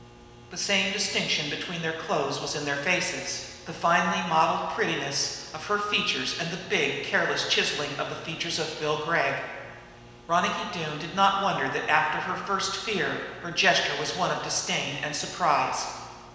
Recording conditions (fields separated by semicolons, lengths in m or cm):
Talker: one person; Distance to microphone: 1.7 m; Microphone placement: close; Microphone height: 1.0 m; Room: very reverberant, large; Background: none